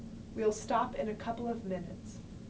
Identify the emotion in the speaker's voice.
neutral